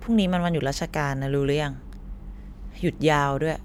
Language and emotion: Thai, frustrated